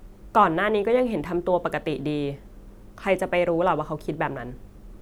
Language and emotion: Thai, neutral